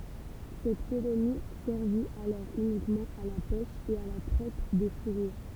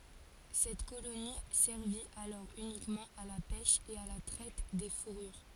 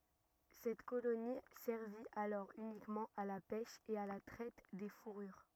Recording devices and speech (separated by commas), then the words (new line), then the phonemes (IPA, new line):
temple vibration pickup, forehead accelerometer, rigid in-ear microphone, read sentence
Cette colonie servit alors uniquement à la pêche et à la traite des fourrures.
sɛt koloni sɛʁvi alɔʁ ynikmɑ̃ a la pɛʃ e a la tʁɛt de fuʁyʁ